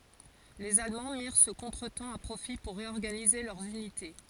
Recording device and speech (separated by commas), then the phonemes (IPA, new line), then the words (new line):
forehead accelerometer, read sentence
lez almɑ̃ miʁ sə kɔ̃tʁətɑ̃ a pʁofi puʁ ʁeɔʁɡanize lœʁz ynite
Les Allemands mirent ce contretemps à profit pour réorganiser leurs unités.